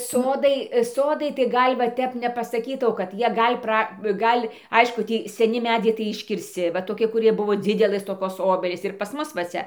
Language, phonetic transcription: Lithuanian, ˈsodai ˈsodai tai ˈgal' va ˈtep nepasaˈkytau kad ˈjie ˈgal' ˈpra ˈgal' ˈaišku ˈtį seˈni ˈmedziai tai iškirsˈci va toˈki kuˈrie ˈbuvo ˈdzidelɘs toˈkos ˈobelys ir pas ˈmus va ˈcia

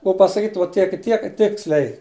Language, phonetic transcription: Lithuanian, ˈbuo pasaˈkyt vo ˈtiek i ˈtiek ˈtiksliai

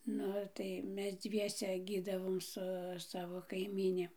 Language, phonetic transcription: Lithuanian, ˈnu tai ˈmes ˈdzviese ˈgydavom su ˈsavo kaiˈmyni

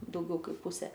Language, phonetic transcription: Lithuanian, dauˈgiau ˈkaip ˈpusė

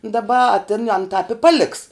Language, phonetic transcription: Lithuanian, daˈba a tin an tāp i ˈpaˌliks

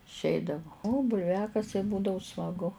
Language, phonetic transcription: Lithuanian, išˈeidavu o bulˈviakasiai ˈbūdavu smaˈgu

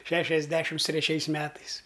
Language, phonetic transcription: Lithuanian, ˈšešiasdešims treˈčiais ˈmetais

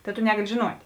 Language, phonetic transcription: Lithuanian, ˈta tu ˈnegali žiˈnuot'

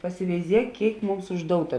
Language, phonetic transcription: Lithuanian, pasiveiˈziek ˈkėik ˈmums užˈdouta

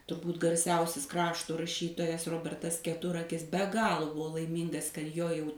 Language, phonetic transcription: Lithuanian, turˈbūt garˈsiausis ˈkrašto raˈšytojas ˈrobertas keˈturakis be ˈgalo ˈbuo laiˈmyngas kad ˈjo ˈjau

